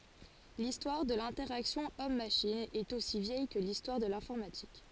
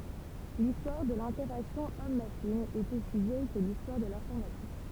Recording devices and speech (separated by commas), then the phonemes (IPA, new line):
forehead accelerometer, temple vibration pickup, read sentence
listwaʁ də lɛ̃tɛʁaksjɔ̃ ɔmmaʃin ɛt osi vjɛj kə listwaʁ də lɛ̃fɔʁmatik